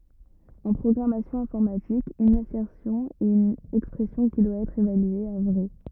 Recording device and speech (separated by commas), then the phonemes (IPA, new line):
rigid in-ear microphone, read sentence
ɑ̃ pʁɔɡʁamasjɔ̃ ɛ̃fɔʁmatik yn asɛʁsjɔ̃ ɛt yn ɛkspʁɛsjɔ̃ ki dwa ɛtʁ evalye a vʁɛ